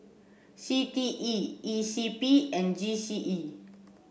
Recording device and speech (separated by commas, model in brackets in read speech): boundary microphone (BM630), read sentence